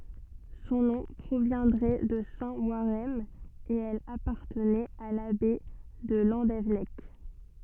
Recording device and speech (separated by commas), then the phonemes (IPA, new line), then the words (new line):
soft in-ear microphone, read sentence
sɔ̃ nɔ̃ pʁovjɛ̃dʁɛ də sɛ̃ waʁɛʁn e ɛl apaʁtənɛt a labɛi də lɑ̃devɛnɛk
Son nom proviendrait de saint Warhem et elle appartenait à l'abbaye de Landévennec.